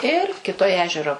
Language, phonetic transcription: Lithuanian, ir kiˈtoj ˈežero

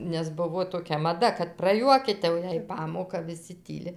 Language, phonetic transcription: Lithuanian, nes ˈbuvo toˈkia maˈda kad praˈjuokyt' jau ˈjei ˈpamoka viˈsi ˈtyli

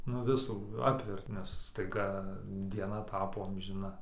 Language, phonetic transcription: Lithuanian, nu ˈvisų ˈapvert nes staiˈga dieˈna ˈtapo amžiˈna

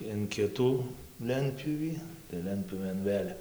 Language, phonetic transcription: Lithuanian, in ˈkitų ˈlentpjūvį tai ˈlentpjūvėn ˈvėl'

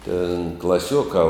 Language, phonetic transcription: Lithuanian, tėn klaˈsiuokā

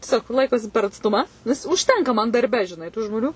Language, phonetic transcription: Lithuanian, tieˈsiog ˈlaikosi per atsˈtuma nes užˈtenka man darˈbe žiˈnai tu žmoˈniu

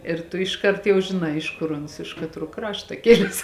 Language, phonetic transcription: Lithuanian, ir ˈtu išˈkart jau žiˈnai ˈiš kur ˈuns iš katˈruo ˈkrašta ˈkiles

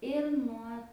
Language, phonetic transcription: Lithuanian, ir ˈnuo

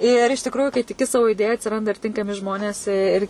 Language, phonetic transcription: Lithuanian, ir iš tikˈrųjų kai tiˈki ˈsavo iˈdėja atsiˈranda ir ˈtinkami ˈžmonės i ir

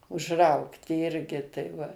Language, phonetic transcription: Lithuanian, užˈraugti ˈirgi tai ˈva

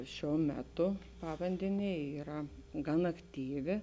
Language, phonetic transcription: Lithuanian, ˈšiuo ˈmeˌtu ˈpavandenė ˈyra gan akˈtyvi

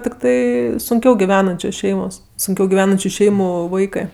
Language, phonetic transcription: Lithuanian, tikˈtai sunˈkiau giˈvenančios ˈšeimos sunˈkiau giˈvenančiu ˈšeimu ˈvaikɜ

